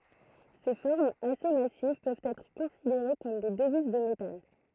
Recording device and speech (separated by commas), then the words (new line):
throat microphone, read sentence
Ces formes assez massives peuvent être considérées comme des devises de métal.